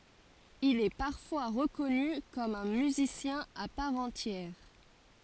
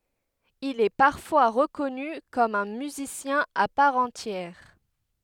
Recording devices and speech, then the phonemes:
forehead accelerometer, headset microphone, read sentence
il ɛ paʁfwa ʁəkɔny kɔm œ̃ myzisjɛ̃ a paʁ ɑ̃tjɛʁ

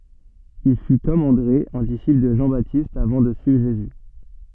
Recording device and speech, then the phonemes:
soft in-ear microphone, read sentence
il fy kɔm ɑ̃dʁe œ̃ disipl də ʒɑ̃batist avɑ̃ də syivʁ ʒezy

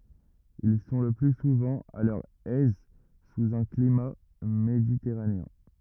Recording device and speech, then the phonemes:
rigid in-ear microphone, read sentence
il sɔ̃ lə ply suvɑ̃ a lœʁ ɛz suz œ̃ klima meditɛʁaneɛ̃

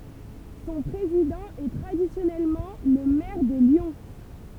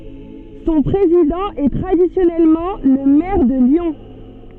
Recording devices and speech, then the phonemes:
temple vibration pickup, soft in-ear microphone, read sentence
sɔ̃ pʁezidɑ̃ ɛ tʁadisjɔnɛlmɑ̃ lə mɛʁ də ljɔ̃

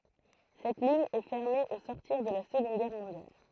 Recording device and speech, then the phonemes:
throat microphone, read sentence
sɛt liɲ ɛ fɛʁme o sɔʁtiʁ də la səɡɔ̃d ɡɛʁ mɔ̃djal

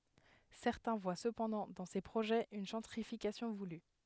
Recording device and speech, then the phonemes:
headset microphone, read sentence
sɛʁtɛ̃ vwa səpɑ̃dɑ̃ dɑ̃ se pʁoʒɛz yn ʒɑ̃tʁifikasjɔ̃ vuly

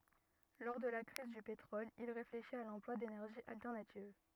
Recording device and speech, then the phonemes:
rigid in-ear microphone, read sentence
lɔʁ də la kʁiz dy petʁɔl il ʁefleʃit a lɑ̃plwa denɛʁʒiz altɛʁnativ

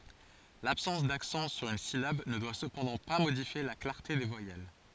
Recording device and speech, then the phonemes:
forehead accelerometer, read sentence
labsɑ̃s daksɑ̃ syʁ yn silab nə dwa səpɑ̃dɑ̃ pa modifje la klaʁte de vwajɛl

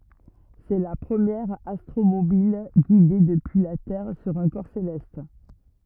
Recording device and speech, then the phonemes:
rigid in-ear microphone, read sentence
sɛ la pʁəmjɛʁ astʁomobil ɡide dəpyi la tɛʁ syʁ œ̃ kɔʁ selɛst

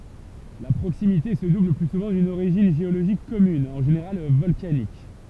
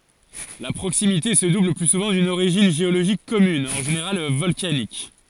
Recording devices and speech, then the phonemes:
temple vibration pickup, forehead accelerometer, read sentence
la pʁoksimite sə dubl lə ply suvɑ̃ dyn oʁiʒin ʒeoloʒik kɔmyn ɑ̃ ʒeneʁal vɔlkanik

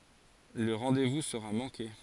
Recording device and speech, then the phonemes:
forehead accelerometer, read sentence
lə ʁɑ̃devu səʁa mɑ̃ke

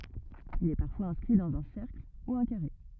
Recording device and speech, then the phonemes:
rigid in-ear microphone, read sentence
il ɛ paʁfwaz ɛ̃skʁi dɑ̃z œ̃ sɛʁkl u œ̃ kaʁe

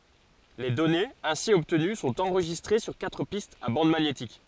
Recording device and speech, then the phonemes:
forehead accelerometer, read sentence
le dɔnez ɛ̃si ɔbtəny sɔ̃t ɑ̃ʁʒistʁe syʁ katʁ pistz a bɑ̃d maɲetik

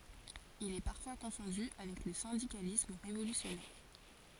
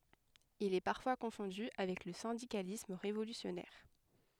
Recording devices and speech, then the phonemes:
forehead accelerometer, headset microphone, read sentence
il ɛ paʁfwa kɔ̃fɔ̃dy avɛk lə sɛ̃dikalism ʁevolysjɔnɛʁ

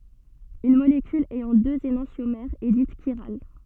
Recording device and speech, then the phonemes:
soft in-ear microphone, read sentence
yn molekyl ɛjɑ̃ døz enɑ̃sjomɛʁz ɛ dit ʃiʁal

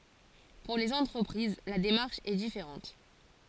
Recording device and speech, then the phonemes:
forehead accelerometer, read sentence
puʁ lez ɑ̃tʁəpʁiz la demaʁʃ ɛ difeʁɑ̃t

